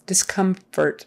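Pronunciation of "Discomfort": In 'discomfort', the m in the middle is not very strong.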